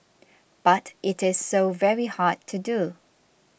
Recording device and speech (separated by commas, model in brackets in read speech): boundary microphone (BM630), read sentence